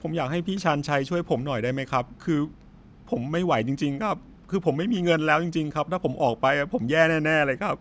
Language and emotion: Thai, frustrated